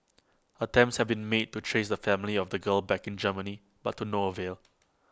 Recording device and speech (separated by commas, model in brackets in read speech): close-talking microphone (WH20), read sentence